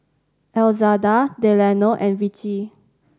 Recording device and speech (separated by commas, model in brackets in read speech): standing microphone (AKG C214), read sentence